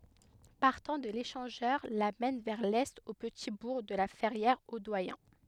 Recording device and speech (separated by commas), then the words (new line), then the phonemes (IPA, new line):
headset microphone, read sentence
Partant de l'échangeur, la mène vers l'est au petit bourg de La Ferrière-au-Doyen.
paʁtɑ̃ də leʃɑ̃ʒœʁ la mɛn vɛʁ lɛt o pəti buʁ də la fɛʁjɛʁ o dwajɛ̃